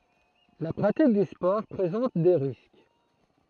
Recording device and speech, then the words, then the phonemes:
throat microphone, read sentence
La pratique du sport présente des risques.
la pʁatik dy spɔʁ pʁezɑ̃t de ʁisk

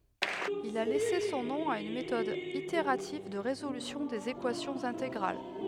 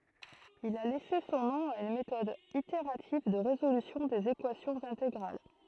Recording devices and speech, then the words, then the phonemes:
headset microphone, throat microphone, read sentence
Il a laissé son nom à une méthode itérative de résolution des équations intégrales.
il a lɛse sɔ̃ nɔ̃ a yn metɔd iteʁativ də ʁezolysjɔ̃ dez ekwasjɔ̃z ɛ̃teɡʁal

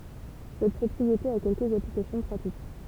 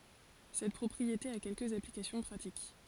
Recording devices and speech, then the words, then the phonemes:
temple vibration pickup, forehead accelerometer, read sentence
Cette propriété a quelques applications pratiques.
sɛt pʁɔpʁiete a kɛlkəz aplikasjɔ̃ pʁatik

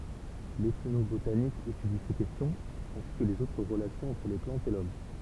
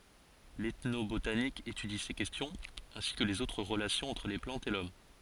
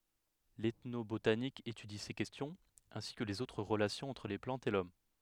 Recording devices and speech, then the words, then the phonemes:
temple vibration pickup, forehead accelerometer, headset microphone, read sentence
L'ethnobotanique étudie ces questions, ainsi que les autres relations entre les plantes et l'homme.
l ɛtnobotanik etydi se kɛstjɔ̃z ɛ̃si kə lez otʁ ʁəlasjɔ̃z ɑ̃tʁ le plɑ̃tz e lɔm

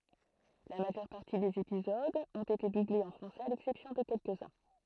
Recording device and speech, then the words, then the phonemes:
throat microphone, read sentence
La majeure partie des épisodes ont été doublés en français à l'exception de quelques-uns.
la maʒœʁ paʁti dez epizodz ɔ̃t ete dublez ɑ̃ fʁɑ̃sɛz a lɛksɛpsjɔ̃ də kɛlkəzœ̃

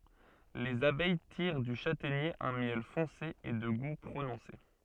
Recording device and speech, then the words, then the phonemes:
soft in-ear microphone, read sentence
Les abeilles tirent du châtaignier un miel foncé et de goût prononcé.
lez abɛj tiʁ dy ʃatɛɲe œ̃ mjɛl fɔ̃se e də ɡu pʁonɔ̃se

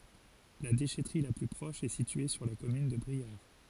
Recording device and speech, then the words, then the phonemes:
forehead accelerometer, read sentence
La déchèterie la plus proche est située sur la commune de Briare.
la deʃɛtʁi la ply pʁɔʃ ɛ sitye syʁ la kɔmyn də bʁiaʁ

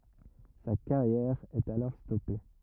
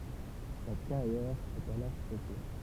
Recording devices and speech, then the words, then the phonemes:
rigid in-ear microphone, temple vibration pickup, read sentence
Sa carrière est alors stoppée.
sa kaʁjɛʁ ɛt alɔʁ stɔpe

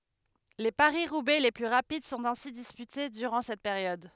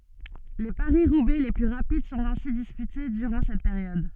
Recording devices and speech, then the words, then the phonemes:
headset microphone, soft in-ear microphone, read sentence
Les Paris-Roubaix les plus rapides sont ainsi disputés durant cette période.
le paʁisʁubɛ le ply ʁapid sɔ̃t ɛ̃si dispyte dyʁɑ̃ sɛt peʁjɔd

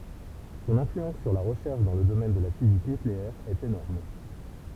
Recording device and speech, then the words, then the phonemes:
temple vibration pickup, read sentence
Son influence sur la recherche dans le domaine de la physique nucléaire est énorme.
sɔ̃n ɛ̃flyɑ̃s syʁ la ʁəʃɛʁʃ dɑ̃ lə domɛn də la fizik nykleɛʁ ɛt enɔʁm

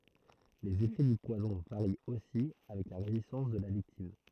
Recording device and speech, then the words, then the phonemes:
throat microphone, read sentence
Les effets du poison varient aussi avec la résistance de la victime.
lez efɛ dy pwazɔ̃ vaʁi osi avɛk la ʁezistɑ̃s də la viktim

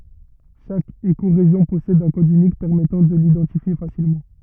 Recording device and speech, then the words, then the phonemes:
rigid in-ear microphone, read sentence
Chaque écorégion possède un code unique permettant de l'identifier facilement.
ʃak ekoʁeʒjɔ̃ pɔsɛd œ̃ kɔd ynik pɛʁmɛtɑ̃ də lidɑ̃tifje fasilmɑ̃

